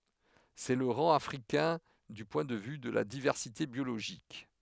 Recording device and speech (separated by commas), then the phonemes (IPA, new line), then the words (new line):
headset microphone, read sentence
sɛ lə ʁɑ̃ afʁikɛ̃ dy pwɛ̃ də vy də la divɛʁsite bjoloʒik
C’est le rang africain du point de vue de la diversité biologique.